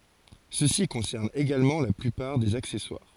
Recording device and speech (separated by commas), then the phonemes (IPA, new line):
forehead accelerometer, read sentence
səsi kɔ̃sɛʁn eɡalmɑ̃ la plypaʁ dez aksɛswaʁ